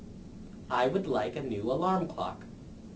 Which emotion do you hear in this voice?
neutral